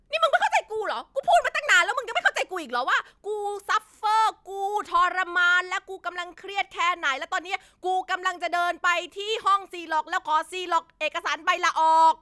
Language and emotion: Thai, angry